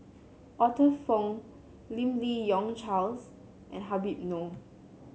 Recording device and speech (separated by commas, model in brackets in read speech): mobile phone (Samsung C7), read sentence